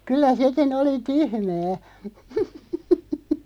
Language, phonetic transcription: Finnish, 'kyllä 'sekin ‿oli "tyhmää .
- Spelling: kyllä sekin oli tyhmää

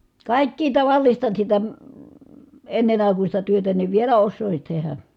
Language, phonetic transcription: Finnish, kàikkii tavallista sitä , ennen ‿àikuśta työtä niv vielä ossòisin̬ tehä .
- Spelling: kaikkea tavallista sitä ennen aikuista työtä niin vielä osaisin tehdä

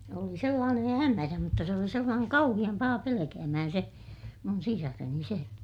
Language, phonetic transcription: Finnish, oli sellaanen hämärä mutta se oli sellaaneŋ kauhiʲam paha pelekäämähän se , mun sisareni se ,.
- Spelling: oli sellainen hämärä mutta se oli sellainen kauhean paha pelkäämään se minun sisareni se

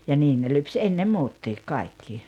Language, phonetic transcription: Finnish, ja 'niin ne 'lyps "enne "muuttiik 'kaikki .
- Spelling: ja niin ne lypsi ennen muutkin kaikki

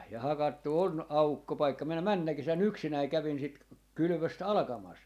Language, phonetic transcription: Finnish, ja 'hakattu on , "aukkopaikka 'minä "männä 'kesä"n ‿yksinäi 'kävin 'sit k - 'kylʸvöst "alᵃkamas .
- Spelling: ja hakattu on aukkopaikka minä menneenä kesänä yksinäni kävin sitä - kylvöstä alkamassa

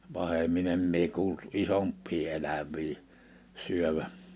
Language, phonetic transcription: Finnish, 'pahemmin ‿em mie kuult "isomppii 'eläv̀ii , 'syövä .
- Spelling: pahemmin en minä kuullut isompia eläviä syövän

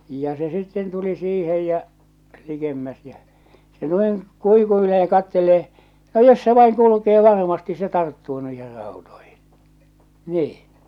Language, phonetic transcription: Finnish, ja 'se 'sitten 'tuli 'siihej jä , 'likemmäs jä , se noiŋ , 'kuikuilee ja 'kattelee , » no jos se 'vaiŋ kulukee 'varmasti se 'tarttuu nuih̬er ràutoihɪɴ « , 'niiḭ .
- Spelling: ja se sitten tuli siihen ja likemmäs ja se noin kuikuilee ja katselee no jos se vain kulkee varmasti se tarttuu noihin rautoihin niin

